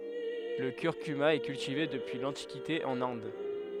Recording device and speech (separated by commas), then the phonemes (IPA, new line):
headset microphone, read sentence
lə kyʁkyma ɛ kyltive dəpyi lɑ̃tikite ɑ̃n ɛ̃d